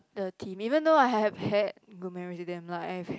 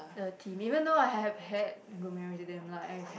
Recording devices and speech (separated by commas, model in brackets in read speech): close-talking microphone, boundary microphone, conversation in the same room